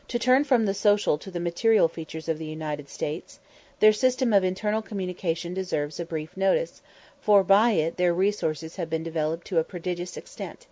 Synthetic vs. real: real